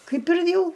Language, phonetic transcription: Lithuanian, ˈkaip ir ˈjau

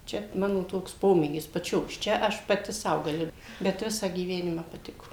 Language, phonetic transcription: Lithuanian, ˈčia ˈmano ˈtoks ˈpomėgis paˈčios ˈčia ˈaš paˈti ˈsau gaˈli bet ˈvisą gyˈvenimą paˈtiko

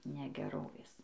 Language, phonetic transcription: Lithuanian, negeˈrovės

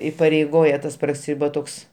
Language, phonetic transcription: Lithuanian, ipareiˈgoja ˈtas praˈsi va ˈtoks

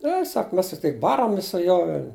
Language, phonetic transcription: Lithuanian, ˈne ˈsak ˈmes tikˈtai ˈbaramis su ˈjuo ˈvel'

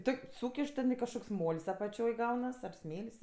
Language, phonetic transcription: Lithuanian, ˈtok' ˈsūkiš ten kažˈkoks ˈmol's' apaˈčioj ˈgaunas ar ˈsmėl's'

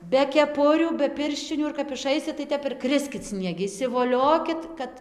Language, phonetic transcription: Lithuanian, be keˈpurių be ˈpirščinių ir kap iˈšaisit tai ˈtep ir ˈkriskit snieˈgi išsivoˈliokit ˈkad

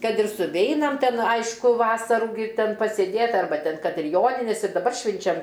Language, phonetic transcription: Lithuanian, ˈkad ir suˈveinam ˈten ˈaišku ˈvasarų gi ˈten pasėˈdėt arˈba ˈten ˈkad ir ˈjoninės ir daˈbar ˈšvinčiam

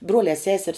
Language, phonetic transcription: Lithuanian, ˈbruolē ˈseser's

